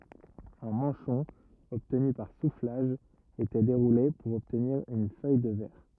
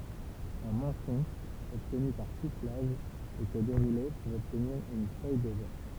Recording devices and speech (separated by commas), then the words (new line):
rigid in-ear microphone, temple vibration pickup, read sentence
Un manchon obtenu par soufflage était déroulé pour obtenir une feuille de verre.